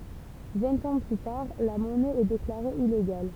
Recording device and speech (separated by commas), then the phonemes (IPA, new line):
temple vibration pickup, read sentence
vɛ̃t ɑ̃ ply taʁ la mɔnɛ ɛ deklaʁe ileɡal